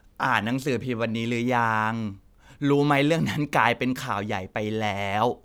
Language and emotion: Thai, frustrated